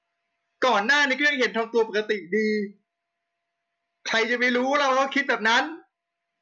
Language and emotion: Thai, angry